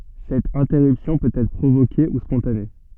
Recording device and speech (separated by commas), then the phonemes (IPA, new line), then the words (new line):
soft in-ear microphone, read sentence
sɛt ɛ̃tɛʁypsjɔ̃ pøt ɛtʁ pʁovoke u spɔ̃tane
Cette interruption peut être provoquée ou spontanée.